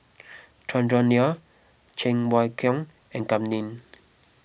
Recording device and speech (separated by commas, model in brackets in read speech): boundary microphone (BM630), read sentence